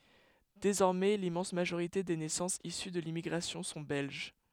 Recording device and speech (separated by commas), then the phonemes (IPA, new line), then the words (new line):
headset microphone, read sentence
dezɔʁmɛ limmɑ̃s maʒoʁite de nɛsɑ̃sz isy də limmiɡʁasjɔ̃ sɔ̃ bɛlʒ
Désormais l'immense majorité des naissances issues de l'immigration sont belges.